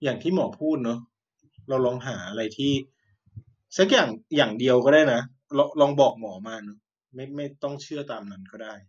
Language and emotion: Thai, neutral